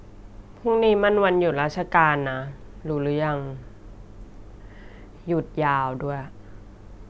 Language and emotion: Thai, neutral